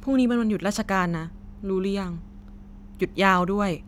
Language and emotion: Thai, neutral